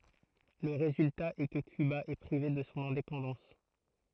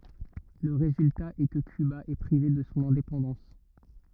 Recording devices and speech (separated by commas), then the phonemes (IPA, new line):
throat microphone, rigid in-ear microphone, read sentence
lə ʁezylta ɛ kə kyba ɛ pʁive də sɔ̃ ɛ̃depɑ̃dɑ̃s